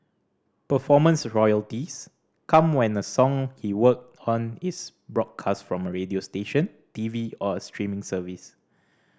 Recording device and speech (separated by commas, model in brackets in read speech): standing microphone (AKG C214), read sentence